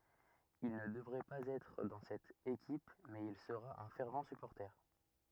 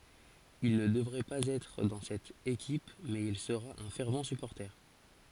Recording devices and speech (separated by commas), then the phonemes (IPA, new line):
rigid in-ear microphone, forehead accelerometer, read sentence
il nə dəvʁɛ paz ɛtʁ dɑ̃ sɛt ekip mɛz il səʁa œ̃ fɛʁv sypɔʁte